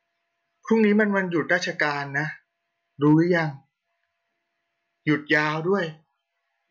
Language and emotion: Thai, neutral